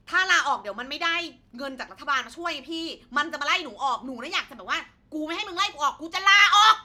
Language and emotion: Thai, angry